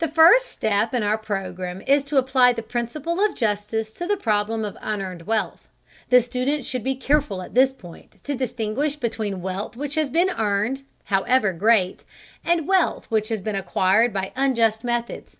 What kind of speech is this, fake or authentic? authentic